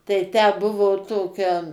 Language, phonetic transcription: Lithuanian, tai tę ˈbuvo ˈtokia

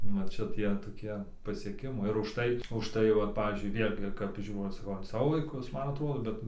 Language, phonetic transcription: Lithuanian, nu ˈčia ˈtie toˈkie pasieˈkimai ir užˈtai užˈtai ˈvat ˈpavyzdžiui ˈvėlgi kap ˈžiūrau saˈkau an ˈsavo vaiˈkus ˈman aˈtrodo ˈbet

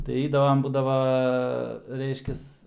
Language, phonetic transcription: Lithuanian, tai ˈeidavam ˈbūdava ˈreiškias

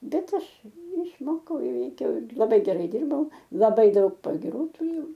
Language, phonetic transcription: Lithuanian, ˈbet ˈaš išˈmokau ˈįveikiau ir laˈbai geˈrai ˈdirbau laˈbai ˈdaug pagiˈrų tuˈrėjau

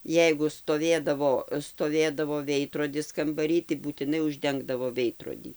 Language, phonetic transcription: Lithuanian, ˈjeigu stoˈvėdavo stoˈvėdavo ˈveidrodis kambaˈry tai būtiˈnai užˈdengdavo ˈveidrodį

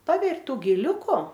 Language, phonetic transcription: Lithuanian, ˈpaber' ˈtų giˈliuku

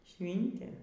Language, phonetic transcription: Lithuanian, ˈšvintė

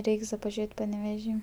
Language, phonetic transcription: Lithuanian, ˈreiks da paˈžėt' paneveˈžy

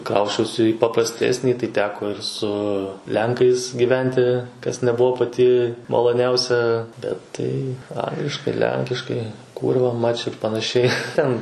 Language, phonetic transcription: Lithuanian, ˈkrausčiausi į papraˈstesnį tai ˈteko ir su ˈlenkais gyˈventi ˈkas neˈbuvo paˈti maloˈniausia bet ˈtai ˈangliškai ˈlenkiškai ˈkūrva mač ir panaˈšiai ˈten

